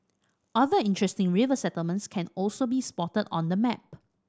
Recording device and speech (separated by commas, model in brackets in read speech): standing microphone (AKG C214), read sentence